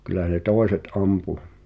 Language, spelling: Finnish, kyllä ne toiset ampui
- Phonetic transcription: kylä ne "tòeset 'ampu .

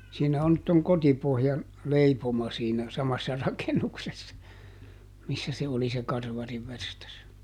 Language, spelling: Finnish, siinä on nyt tuon Kotipohjan leipomo siinä samassa rakennuksessa missä se oli se karvarinverstas
- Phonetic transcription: ˈsiinä on nyt toŋ ˈKotipohjan , ˈleipoma siinä , ˈsamassa ˈrakenuksessa , ˈmissä se oli se ˈkarvarivverstas .

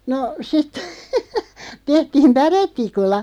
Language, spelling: Finnish, no sitten tehtiin päretikulla
- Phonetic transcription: no , sit , 'tehtiim "päret̆tikulla .

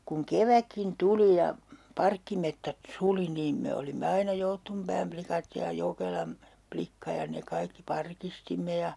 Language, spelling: Finnish, kun kevätkin tuli ja parkkimetsät suli niin me olimme aina Jouttunpään likat ja Jokelan likka ja ne kaikki parkistimme ja
- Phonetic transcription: kuŋ 'keväkkin "tuli ja , 'parkkimettät "suli niim 'me olimme aina 'Jouttumpääm plikat ja 'Jokelam , 'plikka ja ne 'kaikki "parkistimme ja ,.

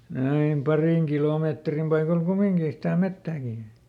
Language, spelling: Finnish, aina parin kilometrin paikoilla kumminkin sitä metsääkin
- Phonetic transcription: aim ˈparìŋ ˈkilòmeetrim paikol "kumiŋkii sitä "mettääkì .

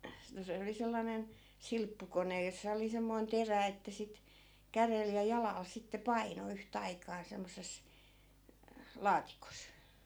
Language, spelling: Finnish, no se oli sellainen silppukone jossa oli semmoinen terä että sitten kädellä ja jalalla sitten painoi yhtä aikaa semmoisessa laatikossa
- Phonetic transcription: no 'se oli 'sellanen , 'silppukonej jossa oli 'semmoi̮n "terä että 'sit , 'kärel ja 'jalàl sitte 'paino 'yh't ‿aikaa 'semmos̆ses , "laatikos .

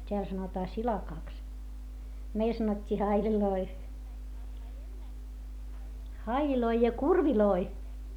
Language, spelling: Finnish, täällä sanotaan silakaksi meillä sanottiin haileiksi haileja ja kurveja
- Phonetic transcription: t́eäl sanotaa silakàks , meil sanot́t́ii haiĺiloi , haiĺiloi ja kurviloi .

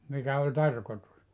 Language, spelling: Finnish, mikä oli tarkoitus
- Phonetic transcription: 'mikä oĺ "tarkotus ?

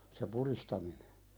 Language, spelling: Finnish, se pudistaminen
- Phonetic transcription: se 'puðistaminᴇ .

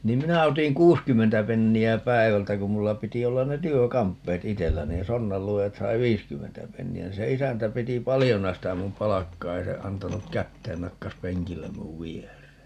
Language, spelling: Finnish, niin minä otin kuusikymmentä penniä päivältä kun minulla piti olla ne työkamppeet itsellä niin sonnanluojat sai viisikymmentä penniä niin se isäntä piti paljona sitä minun palkkaa ei se antanut käteen nakkasi penkille minun viereen
- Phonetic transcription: 'niim 'minä otiŋ "kuuskymmentä 'penni₍ä "päi̮vältä kum 'mulla 'piti 'ollan ne 'työ"kamppeet "itellä niin 'sonnalluojat 'sai "viiskymmentä 'penni₍ä niin se 'isäntä 'piti "palijona sitä 'mum "palakkaa - 'ei se 'antanuk "kätteen - 'nakkas "peŋkillem 'muv "vier̀ee .

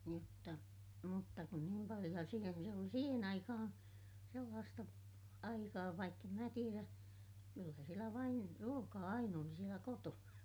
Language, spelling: Finnish, mutta mutta kun niin paljon ja siinä vielä oli siihen aikaan sellaista aikaa vaikka en minä tiedä kyllä siellä vain ruokaa aina oli siellä kotona
- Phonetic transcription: mutta , mutta kun niim paliʲo - ja siinä viel ‿oli siihen ‿aikahaa̰ , sellaasta , aikaa vaikk ‿em mä tierä , kyllä sielä vain , ruokaa ain ‿oli sielä kotona .

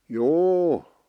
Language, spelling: Finnish, juu
- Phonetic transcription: jû .

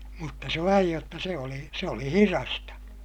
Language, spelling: Finnish, mutta se vain jotta se oli se oli hidasta
- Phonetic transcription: mutta se vaij jotta se oli , se oli hirasta .

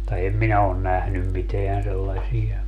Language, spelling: Finnish, mutta en minä ole nähnyt mitään sellaisia
- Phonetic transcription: [mut]ta em 'minä on 'nähnym 'miteän 'sellaśi₍a .

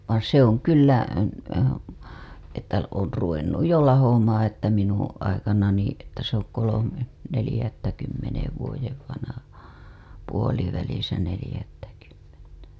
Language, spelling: Finnish, vaan se on kyllä että on ruvennut jo lahoamaan että minun aikanani että se on kolme neljättäkymmenen vuoden vanha puolivälissä neljättäkymmentä
- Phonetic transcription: van 'se ‿oŋ kyllä , että on̬ ruvennuj jo 'lahomaaa̰ että 'minuṵ , aikanani , että se ‿oŋ kolome , nelĭjättäkymmenev vuojev vanaha , puolivälisä nelĭjättäkymmentä .

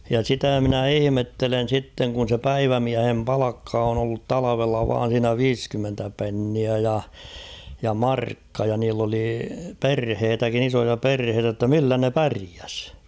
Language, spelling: Finnish, ja sitä minä ihmettelen sitten kun se päivämiehen palkka on ollut talvella vain siinä viisikymmentä penniä ja ja markka ja niillä oli perhettäkin isoja perheitä jotta millä ne pärjäsi
- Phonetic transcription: ja 'sitä mᵎnä "ihⁱmettelen̬ 'sitteŋ kun̬ se "päivämiähem 'palakka on ‿ollut "talavella vaan̬ siinä "viiskymmentä 'penniä ja , ja "markka ja niill ‿oli "perheetäkin ‿'isoja "perheetä ‿tta 'millä ne "päriäs ?

